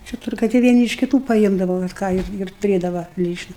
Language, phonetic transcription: Lithuanian, čia ˈturgai tai vieˈni iš kiˈtų paˈimdava vat ˈką ir tuˈrėdava ˈlyčna

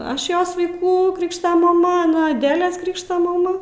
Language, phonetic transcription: Lithuanian, ˈaš ˈjos vaiˈkų ˈkrikšto maˈma aˈna aˈdelės ˈkrikšto maˈma

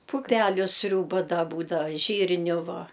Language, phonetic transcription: Lithuanian, puˈpeliu ˈsriūba da ˈbūdava ˈžyrniu ˈva

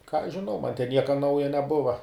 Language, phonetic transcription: Lithuanian, ką aš žiˈnau man ten ˈnieka ˈnauja neˈbuva

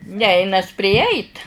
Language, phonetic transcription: Lithuanian, ˈneinas priˈjeit

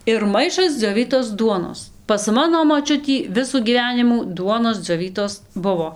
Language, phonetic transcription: Lithuanian, ir ˈmaišas dzioˈvytos ˈduonos pas ˈmano ˈmočiutį ˈvisų gyˈvenimų ˈduonos dzioˈvytos ˈbuvo

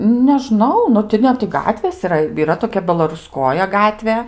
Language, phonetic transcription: Lithuanian, neˈžnau ˈnu ti ˈne ti ˈgatvės iˈra yˈra toˈkia belaruˈskoja ˈgatvė

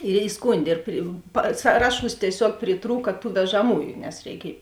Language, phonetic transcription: Lithuanian, ir iˈskundė ir pri pa ˈsaraˌšūs tieˈsiuog priˈtrūka tų vežaˈmųju nes reiˈkiej

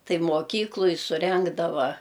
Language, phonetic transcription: Lithuanian, ˈtai moˈkykluj suˈrengdava

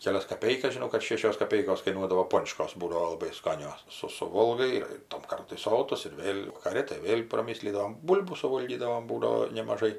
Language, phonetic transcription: Lithuanian, keˈlias kaˈpeikas žiˈnau kad ˈšėšios kaˈpeikos kaiˈnuodavo ˈpončkos ˈbūdavo laˈbai ˈskanios ˈsu suˈvolgai ir ir tam ˈkartui ˈsotus ir ˈvėl' vakaˈri tai ˈvėl' praˈmislydavom ˈbūl'bų suˈvolgydavom ˈbūdavo nemaˈžai

